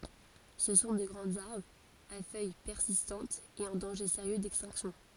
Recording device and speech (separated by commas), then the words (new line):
forehead accelerometer, read sentence
Ce sont de grands arbres, à feuilles persistantes et en danger sérieux d'extinction.